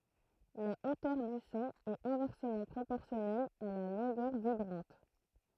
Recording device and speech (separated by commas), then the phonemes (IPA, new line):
throat microphone, read sentence
la otœʁ dy sɔ̃ ɛt ɛ̃vɛʁsəmɑ̃ pʁopɔʁsjɔnɛl a la lɔ̃ɡœʁ vibʁɑ̃t